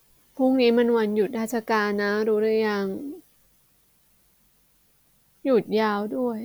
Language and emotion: Thai, sad